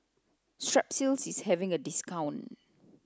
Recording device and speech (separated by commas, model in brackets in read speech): close-talking microphone (WH30), read sentence